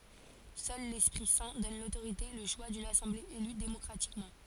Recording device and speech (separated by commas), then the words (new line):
forehead accelerometer, read sentence
Seul l'Esprit Saint donne l'autorité, et le choix d'une assemblée élue démocratiquement.